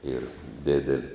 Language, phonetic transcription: Lithuanian, yr ˈdideli

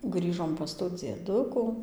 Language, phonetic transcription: Lithuanian, ˈgrįžom pas tų dzieˈduku

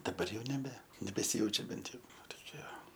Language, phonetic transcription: Lithuanian, daˈbar ˈjau neˈbe nebesiˈjaučia ˈbent ˈjau ˈva toˈkie

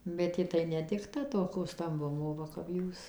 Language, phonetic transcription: Lithuanian, bet ˈji tai nedikˈta toˈko stamˈbumo ˈva kap ˈjūs

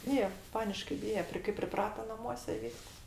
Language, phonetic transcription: Lithuanian, ˈbyje ˈpaniškai ˈbyje ˈpri kai priˈprata naˈmuose i ˈvysks

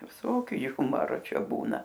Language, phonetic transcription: Lithuanian, viˈsokiu ˈjumaro ˈčia ˈbūna

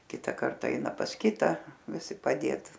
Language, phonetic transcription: Lithuanian, ˈkita ˈkarta ˈeina pas ˈkita viˈsi paˈdėt

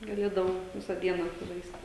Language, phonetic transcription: Lithuanian, gaˈlėdavau ˈvisa ˈdiena užsiˈžaisti

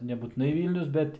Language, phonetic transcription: Lithuanian, nebūtiˈnai ˈvylnius ˈbet

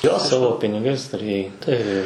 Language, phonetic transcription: Lithuanian, ˈjo ˈsavo piniˈgais tuˈrėjai tai

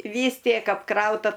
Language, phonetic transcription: Lithuanian, ˈvys ˈtiek apˈkrauta

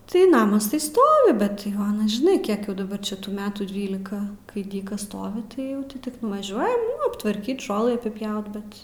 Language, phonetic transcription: Lithuanian, tai ˈnamas ˈstovi bet ˈjau ˈanas žiˈnai ˈkiek jau daˈbar ˈčia tų ˈmetų ˈdvylika kai ˈdykas ˈstovi tai ˈjau ti ˈtik nuvaˈžiuojam nu aptvarˈkyt ˈžolɨ apiˈpjaut ˈbet

